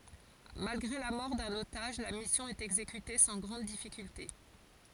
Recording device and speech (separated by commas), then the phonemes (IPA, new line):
forehead accelerometer, read sentence
malɡʁe la mɔʁ dœ̃n otaʒ la misjɔ̃ ɛt ɛɡzekyte sɑ̃ ɡʁɑ̃d difikylte